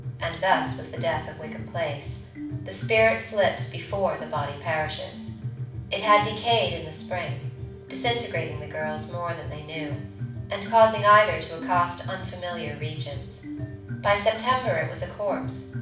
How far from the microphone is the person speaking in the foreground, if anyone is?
5.8 m.